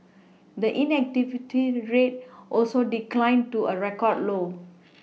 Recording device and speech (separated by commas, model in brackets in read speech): mobile phone (iPhone 6), read sentence